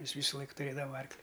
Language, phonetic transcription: Lithuanian, ˈjis ˈvysulaik tuˈrėdava ˈarkli

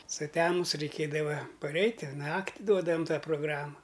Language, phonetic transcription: Lithuanian, suˈtemus reiˈkėdava paˈreit' ir ˈnakti ˈduodavam ˈtą proˈgrama

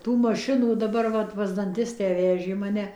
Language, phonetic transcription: Lithuanian, ˈtų maˈšinų daˈbar ˈvat pas danˈtistę ˈvežė maˈne

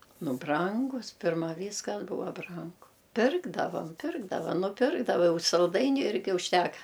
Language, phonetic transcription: Lithuanian, ˈnu ˈbrangus ˈpirma ˈvyskas ˈbūva ˈbrangu ˈpirkdavam ˈpirkdava nuˈpirkdava ˈjau salˈdainiu ˈirgi užˈteka

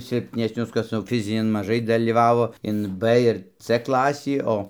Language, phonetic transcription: Lithuanian, silpnesˈnius ˈkas jau ˈfizinin maˈžai dalyˈvavo in b ir c ˈklasį ˈo

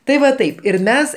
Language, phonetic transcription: Lithuanian, tai ˈva ˈtaip ir ˈmes

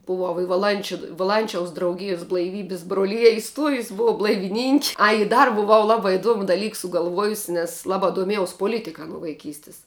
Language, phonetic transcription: Lithuanian, buˈvau i vaˈlančiu vaˈlančiaus drauˈgijus blaiˈvybis broˈlija iˈstuojus buˈvau blaiviˈninki ˈai i ˈdar buˈvau ˈlabā iˈduomu daˈlyk sugalˈvuojusi nes laˈbā duoˈmiejaus poˈlitika nuo vaiˈkystis

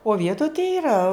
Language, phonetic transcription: Lithuanian, o ˈvietoj tai iˈra

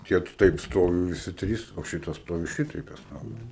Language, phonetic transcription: Lithuanian, ˈtie ˈtaip ˈstovi viˈsi ˈtrys o ˈšitas ˈstovi ˈšitaip tas ˈnamas

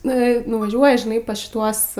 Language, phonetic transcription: Lithuanian, ˈnu i nuvaˈžiuoja žiˈnai pas šiˈtuos

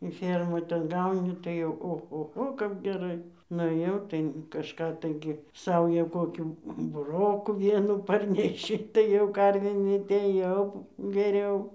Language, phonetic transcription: Lithuanian, i ˈfėrmoj ten ˈgauni tai ochoˈcho kap geˈrai nuˈėjau tai kažˈką ˈtaigi ˈsaują ˈkokių buˈrokų ˈvienų ˈparneši tai jau ˈkarvėm ˈinmetei jau geˈriau

